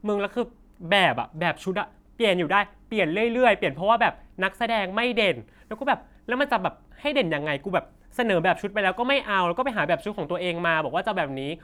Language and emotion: Thai, angry